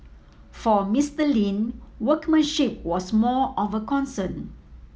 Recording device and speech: mobile phone (iPhone 7), read sentence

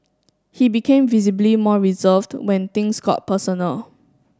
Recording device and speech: standing microphone (AKG C214), read sentence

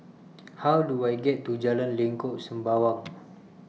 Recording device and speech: mobile phone (iPhone 6), read sentence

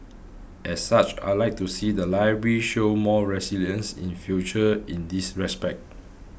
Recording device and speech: boundary microphone (BM630), read sentence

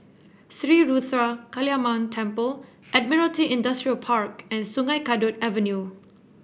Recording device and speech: boundary microphone (BM630), read sentence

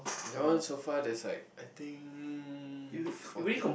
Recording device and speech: boundary microphone, conversation in the same room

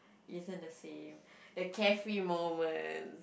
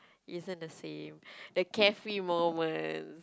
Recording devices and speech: boundary microphone, close-talking microphone, conversation in the same room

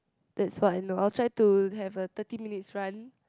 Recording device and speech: close-talking microphone, conversation in the same room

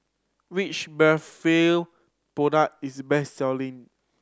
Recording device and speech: standing microphone (AKG C214), read sentence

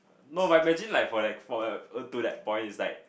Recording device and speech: boundary microphone, conversation in the same room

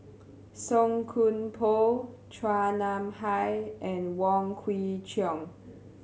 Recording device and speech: mobile phone (Samsung C7100), read sentence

